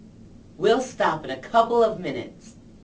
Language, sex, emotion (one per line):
English
female
angry